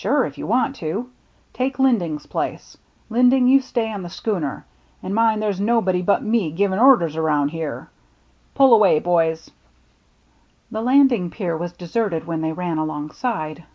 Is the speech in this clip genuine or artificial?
genuine